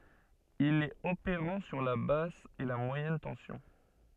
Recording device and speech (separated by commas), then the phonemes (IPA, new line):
soft in-ear microphone, read sentence
il ɛt opeʁɑ̃ syʁ la bas e mwajɛn tɑ̃sjɔ̃